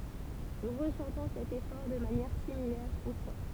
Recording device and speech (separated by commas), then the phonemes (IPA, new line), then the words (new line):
temple vibration pickup, read sentence
nu ʁəsɑ̃tɔ̃ sɛt efɔʁ də manjɛʁ similɛʁ o pwa
Nous ressentons cet effort de manière similaire au poids.